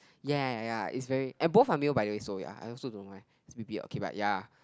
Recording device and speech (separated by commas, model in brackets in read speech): close-talking microphone, conversation in the same room